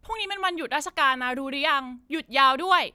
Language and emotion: Thai, angry